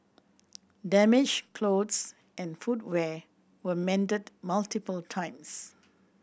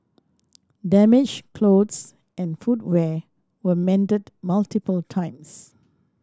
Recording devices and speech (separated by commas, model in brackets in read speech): boundary microphone (BM630), standing microphone (AKG C214), read sentence